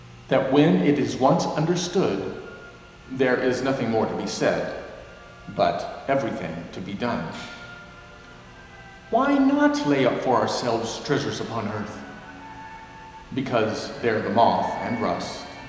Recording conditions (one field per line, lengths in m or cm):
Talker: one person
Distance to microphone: 1.7 m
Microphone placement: close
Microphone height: 1.0 m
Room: very reverberant, large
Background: television